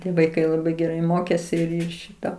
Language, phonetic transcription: Lithuanian, ˈtie vaiˈkai laˈbai geˈrai ˈmokėsi ˈšita

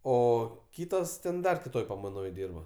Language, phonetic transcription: Lithuanian, ˈo ˈkytos ten ˈdar kiˈtoj pamaiˈnoj ˈdyrba

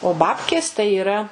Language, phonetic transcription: Lithuanian, o ˈbabkės tai yˈra

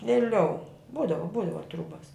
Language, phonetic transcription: Lithuanian, vėˈliau ˈbūdavo ˈbūdavo ˈtrūbas

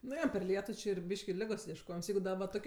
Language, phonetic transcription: Lithuanian, nu ˈjo per ˈlietu ˈči ir ˈbyški ˈligos iešˈkojims ˈjeigu ˈda va ˈtokie

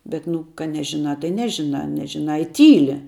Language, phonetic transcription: Lithuanian, bet ˈnu ka ˈnežiˌnā tai ˈnežiˌnā ˈnežiˌnā i ˈtyli

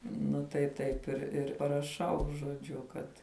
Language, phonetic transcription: Lithuanian, nu tai ˈtaip ir ir paraˈšau žoˈdžiu ˈkad

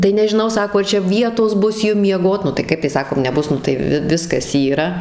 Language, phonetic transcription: Lithuanian, tai nežiˈnau ˈsako ar ˈčia ˈvietos ˈbus ˈjum mieˈgot nu tai ˈkaip tai ˈsakom neˈbus ˈnu tai ˈvi ˈviskas ˈyra

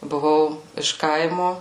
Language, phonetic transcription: Lithuanian, buˈvau iš ˈkaimu

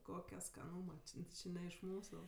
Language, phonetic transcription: Lithuanian, ˈkokia skaˈnūma ˈči ˈči ne iš ˈmūsu

